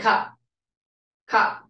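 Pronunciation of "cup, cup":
In 'cup', the final p is unreleased, so it can almost not be heard.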